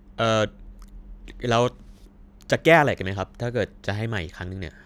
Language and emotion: Thai, frustrated